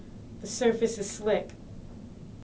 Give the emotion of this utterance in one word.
neutral